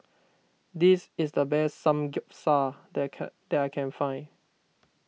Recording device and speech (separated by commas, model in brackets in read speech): mobile phone (iPhone 6), read sentence